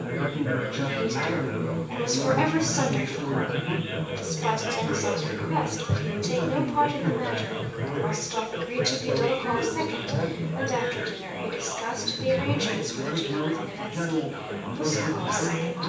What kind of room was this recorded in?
A large room.